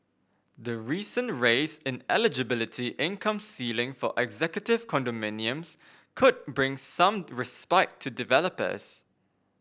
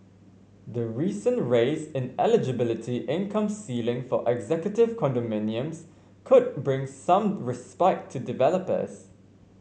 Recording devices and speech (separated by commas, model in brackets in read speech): boundary microphone (BM630), mobile phone (Samsung C5), read sentence